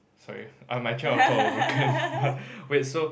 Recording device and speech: boundary microphone, conversation in the same room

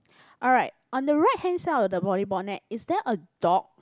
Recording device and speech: close-talking microphone, conversation in the same room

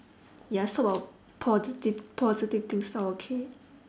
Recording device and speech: standing microphone, conversation in separate rooms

